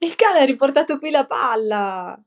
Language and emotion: Italian, happy